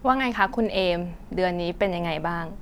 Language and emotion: Thai, neutral